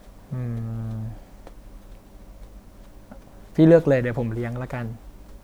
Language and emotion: Thai, neutral